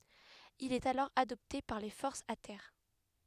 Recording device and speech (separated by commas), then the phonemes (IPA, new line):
headset microphone, read sentence
il ɛt alɔʁ adɔpte paʁ le fɔʁsz a tɛʁ